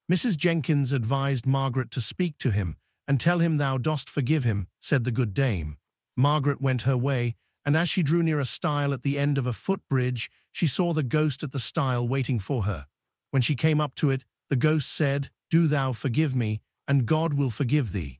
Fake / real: fake